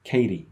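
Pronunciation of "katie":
'Katie' is said the American English way: the t in the middle sounds like a short d.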